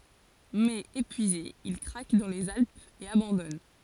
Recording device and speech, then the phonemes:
forehead accelerometer, read sentence
mɛz epyize il kʁak dɑ̃ lez alpz e abɑ̃dɔn

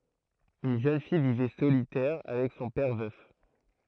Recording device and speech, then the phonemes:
throat microphone, read sentence
yn ʒøn fij vivɛ solitɛʁ avɛk sɔ̃ pɛʁ vœf

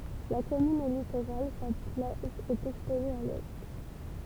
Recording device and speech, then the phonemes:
temple vibration pickup, read sentence
la kɔmyn ɛ litoʁal sa plaʒ ɛt ɛkspoze a lɛ

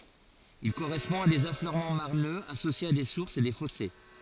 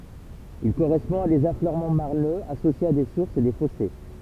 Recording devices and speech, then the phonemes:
forehead accelerometer, temple vibration pickup, read sentence
il koʁɛspɔ̃ a dez afløʁmɑ̃ maʁnøz asosjez a de suʁsz e de fɔse

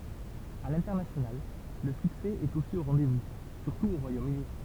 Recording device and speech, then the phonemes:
temple vibration pickup, read sentence
a lɛ̃tɛʁnasjonal lə syksɛ ɛt osi o ʁɑ̃dɛzvu syʁtu o ʁwajomøni

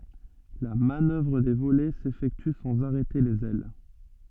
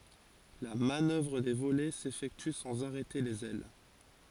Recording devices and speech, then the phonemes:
soft in-ear microphone, forehead accelerometer, read sentence
la manœvʁ də volɛ sefɛkty sɑ̃z aʁɛte lez ɛl

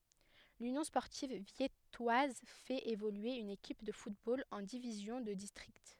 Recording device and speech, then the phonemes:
headset microphone, read sentence
lynjɔ̃ spɔʁtiv vjɛtwaz fɛt evolye yn ekip də futbol ɑ̃ divizjɔ̃ də distʁikt

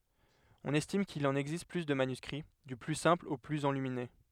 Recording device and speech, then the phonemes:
headset microphone, read sentence
ɔ̃n ɛstim kil ɑ̃n ɛɡzist ply də manyskʁi dy ply sɛ̃pl o plyz ɑ̃lymine

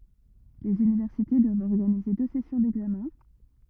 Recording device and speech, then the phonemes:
rigid in-ear microphone, read sentence
lez ynivɛʁsite dwavt ɔʁɡanize dø sɛsjɔ̃ dɛɡzamɛ̃

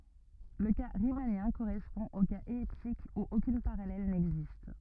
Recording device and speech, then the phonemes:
rigid in-ear microphone, read sentence
lə ka ʁimanjɛ̃ koʁɛspɔ̃ o kaz ɛliptik u okyn paʁalɛl nɛɡzist

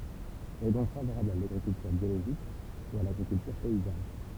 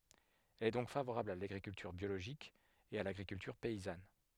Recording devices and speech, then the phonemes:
temple vibration pickup, headset microphone, read sentence
ɛl ɛ dɔ̃k favoʁabl a laɡʁikyltyʁ bjoloʒik e a laɡʁikyltyʁ pɛizan

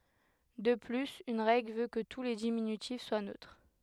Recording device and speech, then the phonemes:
headset microphone, read sentence
də plyz yn ʁɛɡl vø kə tu le diminytif swa nøtʁ

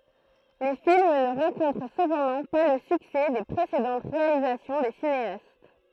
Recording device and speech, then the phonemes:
throat microphone, read sentence
le film nə ʁɑ̃kɔ̃tʁ səpɑ̃dɑ̃ pa lə syksɛ de pʁesedɑ̃t ʁealizasjɔ̃ de sineast

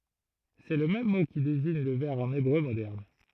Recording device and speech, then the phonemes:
throat microphone, read sentence
sɛ lə mɛm mo ki deziɲ lə vɛʁ ɑ̃n ebʁø modɛʁn

